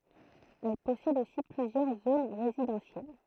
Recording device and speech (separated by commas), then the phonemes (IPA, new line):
throat microphone, read sentence
ɛl pɔsɛd osi plyzjœʁ zon ʁezidɑ̃sjɛl